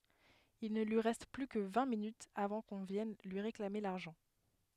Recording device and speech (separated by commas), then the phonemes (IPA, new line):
headset microphone, read sentence
il nə lyi ʁɛst ply kə vɛ̃ minytz avɑ̃ kɔ̃ vjɛn lyi ʁeklame laʁʒɑ̃